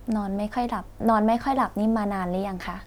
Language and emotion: Thai, neutral